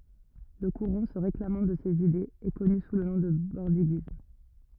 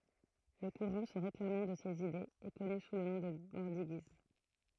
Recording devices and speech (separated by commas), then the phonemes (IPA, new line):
rigid in-ear microphone, throat microphone, read sentence
lə kuʁɑ̃ sə ʁeklamɑ̃ də sez idez ɛ kɔny su lə nɔ̃ də bɔʁdiɡism